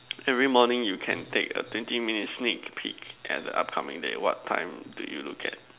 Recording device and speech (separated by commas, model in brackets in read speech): telephone, conversation in separate rooms